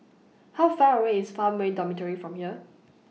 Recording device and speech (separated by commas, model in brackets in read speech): mobile phone (iPhone 6), read sentence